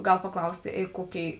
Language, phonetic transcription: Lithuanian, ˈgal paˈklaustė ˈė ˈkoˌkėi

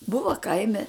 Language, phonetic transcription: Lithuanian, ˈbuva ˈkaime

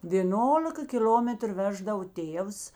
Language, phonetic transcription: Lithuanian, vėˈnolika kiˈl'ometru ˈveždavo ˈtėvs

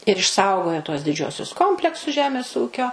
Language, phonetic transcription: Lithuanian, ir išˈsaugojo tuos diˈdžiuosius ˈkompleksus ˈžemės ˈūkio

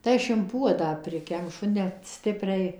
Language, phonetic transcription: Lithuanian, tai ˈaš in ˈpuodą ˈprikemšu net ˈstipriai

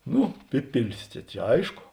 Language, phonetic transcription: Lithuanian, ˈnu ˈpipilis ˈčia čia ˈaiško

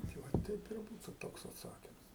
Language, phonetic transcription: Lithuanian, tai ˈva ˈteip ir ˈbūtu ˈtoks atˈsakims

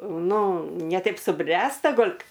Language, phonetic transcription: Lithuanian, ˈnu ne ˈtaip suˈbręsta ˈgol'

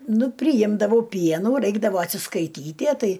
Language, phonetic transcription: Lithuanian, ˈnu priˈjimdavau ˈpienų ˈraikdavo atsiskaiˈtytie ˈtai

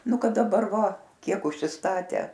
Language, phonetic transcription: Lithuanian, ˈnu ˈkad daˈbar ˈva ˈkiek užsisˈtatę

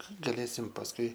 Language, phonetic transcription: Lithuanian, gaˈlėsim pasˈkui

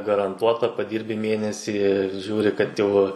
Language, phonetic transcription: Lithuanian, garanˈtuota paˈdyrbi ˈmėnesį ir ˈžiūri kad ˈjau

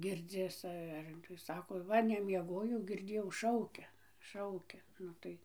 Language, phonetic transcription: Lithuanian, ˈgirdzis ˈar tai ˈsako ˈva nemieˈgojau girˈdėjau ˈšaukia ˈšaukia ˈnu tai

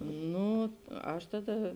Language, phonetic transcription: Lithuanian, ˈnū ˈaš ˈtaˌda

